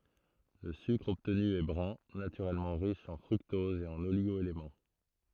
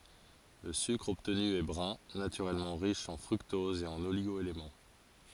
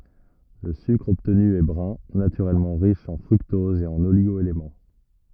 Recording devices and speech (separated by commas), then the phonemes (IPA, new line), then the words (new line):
throat microphone, forehead accelerometer, rigid in-ear microphone, read sentence
lə sykʁ ɔbtny ɛ bʁœ̃ natyʁɛlmɑ̃ ʁiʃ ɑ̃ fʁyktɔz e oliɡo elemɑ̃
Le sucre obtenu est brun, naturellement riche en fructose et oligo-éléments.